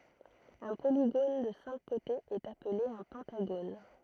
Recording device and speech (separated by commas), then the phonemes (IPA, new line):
throat microphone, read sentence
œ̃ poliɡon də sɛ̃k kotez ɛt aple œ̃ pɑ̃taɡon